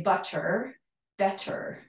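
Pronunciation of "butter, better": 'Butter' and 'better' are said in a London accent, so the t in the middle of each word is not said as a D sound.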